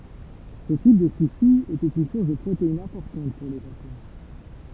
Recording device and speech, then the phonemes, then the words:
temple vibration pickup, read sentence
sə tip də suʃi etɛt yn suʁs də pʁoteinz ɛ̃pɔʁtɑ̃t puʁ le ʒaponɛ
Ce type de sushi était une source de protéines importante pour les Japonais.

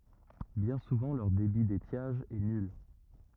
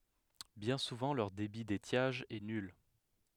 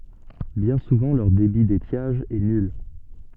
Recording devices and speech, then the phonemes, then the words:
rigid in-ear microphone, headset microphone, soft in-ear microphone, read sentence
bjɛ̃ suvɑ̃ lœʁ debi detjaʒ ɛ nyl
Bien souvent leur débit d'étiage est nul.

